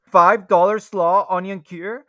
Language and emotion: English, fearful